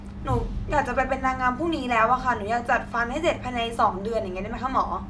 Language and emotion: Thai, neutral